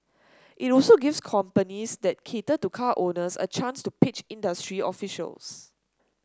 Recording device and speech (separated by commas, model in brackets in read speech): standing microphone (AKG C214), read sentence